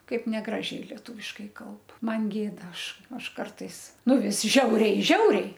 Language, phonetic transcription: Lithuanian, ˈkaip neˈgražiai lieˈtūviškai ˈkalb ˈman ˈgėda ˈaš ˈaš ˈkartais ˈnu ˈvis ˈžiauriai ˈžiauriai

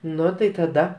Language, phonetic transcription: Lithuanian, ˈnu tai taˈda

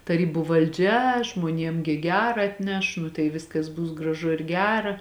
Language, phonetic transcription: Lithuanian, taˈrybu valˈdžia žmuoˈniem gi ˈgera atˈneš nu tai ˈviskas ˈbus graˈžu ir ˈgera

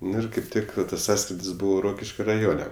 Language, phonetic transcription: Lithuanian, ˈnu ir ˈkaip ˈtik tas ˈsąskridis ˈbūvo ˈrokiškio raˈjone

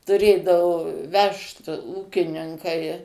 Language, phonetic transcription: Lithuanian, tuˈrėdavu ˈvežt ˈūkininkai

